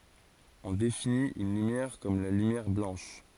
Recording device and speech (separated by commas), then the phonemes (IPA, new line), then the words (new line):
forehead accelerometer, read sentence
ɔ̃ definit yn lymjɛʁ kɔm la lymjɛʁ blɑ̃ʃ
On définit une lumière comme la lumière blanche.